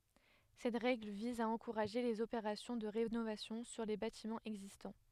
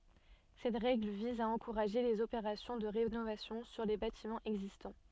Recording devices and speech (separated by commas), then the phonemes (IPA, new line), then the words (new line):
headset microphone, soft in-ear microphone, read sentence
sɛt ʁɛɡl viz a ɑ̃kuʁaʒe lez opeʁasjɔ̃ də ʁenovasjɔ̃ syʁ le batimɑ̃z ɛɡzistɑ̃
Cette règle vise à encourager les opérations de rénovation sur les bâtiments existants.